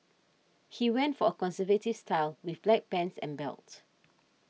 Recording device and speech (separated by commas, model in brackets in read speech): mobile phone (iPhone 6), read sentence